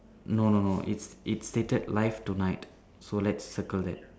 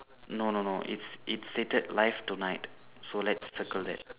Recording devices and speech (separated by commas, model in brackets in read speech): standing microphone, telephone, conversation in separate rooms